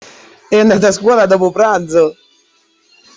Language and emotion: Italian, happy